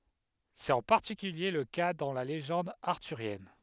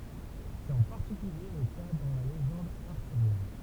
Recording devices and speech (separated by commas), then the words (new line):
headset microphone, temple vibration pickup, read sentence
C’est en particulier le cas dans la légende arthurienne.